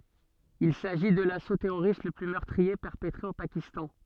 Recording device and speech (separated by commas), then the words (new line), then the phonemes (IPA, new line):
soft in-ear microphone, read sentence
Il s'agit de l'assaut terroriste le plus meurtrier perpetré au Pakistan.
il saʒi də laso tɛʁoʁist lə ply mœʁtʁie pɛʁpətʁe o pakistɑ̃